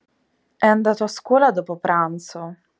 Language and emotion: Italian, neutral